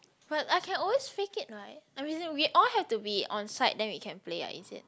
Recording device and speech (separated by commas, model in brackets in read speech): close-talking microphone, conversation in the same room